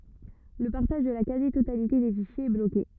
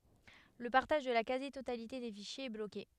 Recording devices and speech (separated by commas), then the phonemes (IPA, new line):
rigid in-ear microphone, headset microphone, read sentence
lə paʁtaʒ də la kazi totalite de fiʃjez ɛ bloke